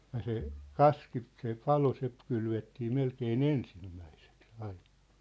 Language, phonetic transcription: Finnish, ja se , "kaski , se "palo se 'kylvettii 'melkee"n ‿ensimmäiseks ‿aiɴᴀ .
- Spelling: ja se kaski se palo se kylvettiin melkein ensimmäiseksi aina

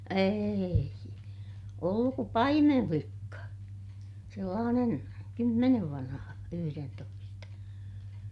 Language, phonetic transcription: Finnish, eei , olluk ku paimemflikka , sellaanen , kymmenev vanha , yhyrentoista .
- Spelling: ei ollut kun paimenlikka sellainen kymmenen vanha yhdentoista

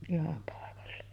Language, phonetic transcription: Finnish, 'iham pàekalla .
- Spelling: ihan paikalla

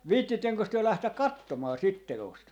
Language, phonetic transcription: Finnish, 'viittinteŋkös työ 'lähtäk "kattomaa 'sit 'te₍ost ?
- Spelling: viitsittekös te lähteä katsomaan sitä teosta

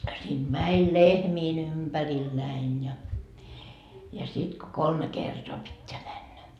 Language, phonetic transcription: Finnish, siint 'mäń "lehmiin 'ympäriil 'näin ja , ja 'sit ko "kolme 'kertoa 'pitteä männä .
- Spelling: siitä meni lehmien ympärillä näin ja ja sitten kun kolme kertaa pitää mennä

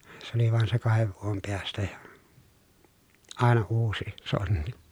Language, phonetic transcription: Finnish, se ‿oli vàen se kahev vuom perästä ja , àena uusi , sonnI .
- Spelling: se oli vain se kahden vuoden perästä ja aina uusi sonni

